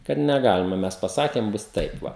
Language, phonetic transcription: Lithuanian, kad neˈgalima ˈmes paˈsakėm ˈbus ˈtaip ˈva

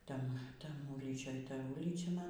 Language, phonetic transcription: Lithuanian, ˈten ˈtam ˈūlyčioj ˈta ˈūlyčia ˈman

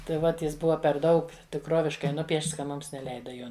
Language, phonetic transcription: Lithuanian, tai ˈvat ˈjis ˈbuva per ˈdaug tikˈroviškai ˈnupiešts ka ˈmums neˈleida ˈjo

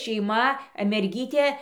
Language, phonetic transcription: Lithuanian, šeiˈma merˈgytė

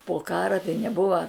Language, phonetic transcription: Lithuanian, po ˈkara tai neˈbuva

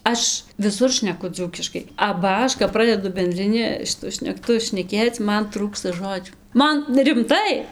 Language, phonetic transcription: Lithuanian, ˈaš viˈsur šneˈku ˈdzūkiškai aba ˈaš kap ˈpradedu bendriˈni šiˈtu šnekˈtu šneˈkėc ˈman ˈtrūksta ˈžodžių ˈman rimˈtai

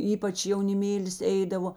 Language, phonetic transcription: Lithuanian, ˈypač jauniˈmėlis ˈeidavo

